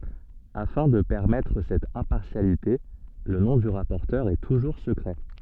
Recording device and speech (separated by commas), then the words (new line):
soft in-ear microphone, read sentence
Afin de permettre cette impartialité, le nom du rapporteur est toujours secret.